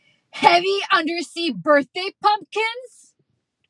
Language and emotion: English, angry